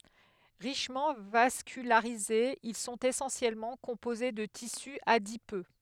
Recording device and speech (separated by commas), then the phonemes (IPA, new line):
headset microphone, read sentence
ʁiʃmɑ̃ vaskylaʁizez il sɔ̃t esɑ̃sjɛlmɑ̃ kɔ̃poze də tisy adipø